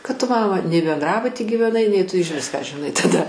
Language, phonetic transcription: Lithuanian, kad ˈtu ˈmama nei benˈdrabuty gyveˈnai nei ˈtu ižˈvis ką žiˈnai taˈda

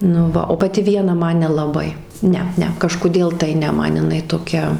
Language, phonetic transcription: Lithuanian, nu ˈva o paˈti ˈviena ˈman nelaˈbai ˈne ˈne kažkuˈdėl tai ˈne ˈman jiˈnai toˈkia

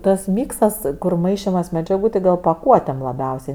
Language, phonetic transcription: Lithuanian, tas ˈmyksas kur ˈmaišimas medžiaˈgų tai ˈgal paˈkuotėm laˈbiausiai

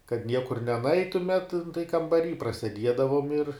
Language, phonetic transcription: Lithuanian, kad ˈniekur neˈnaitumet nu tai kambaˈry praseˈdiedavom ir

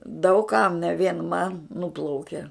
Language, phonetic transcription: Lithuanian, daug kam ne vien man ˈnūplauke

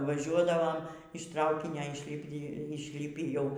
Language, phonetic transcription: Lithuanian, vaˈžiuodavom iš ˈtraukinio išˈlipi išˈlipį jau

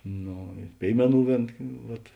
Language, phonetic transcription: Lithuanian, ˈno ir ˈpėimeˌnų ˈvėn ˈvat

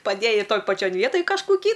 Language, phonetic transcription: Lithuanian, paˈdėjai ˈtoj paˈčion ˈvietoj kažkuˈkį

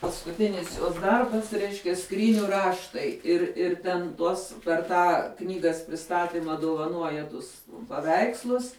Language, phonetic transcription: Lithuanian, paskuˈtinis jos ˈdarbas ˈreiškia ˈskryniu ˈraštai ir ir ˈten ˈtuos per ˈtą ˈknygas priˈstatima duvaˈnuoja ˈtus paˈveikslus

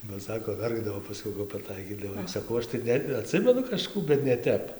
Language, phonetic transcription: Lithuanian, ba ˈsako ˈverkdavo paˈskiau kap paˈtaikydavai ˈsakau ˈaš tai ˈne aˈtsimenu kažˈkų bet ne ˈtep

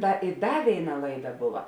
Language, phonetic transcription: Lithuanian, ˈta i ˈda ˈvėiˌna ˈlaiˌda ˈbuva

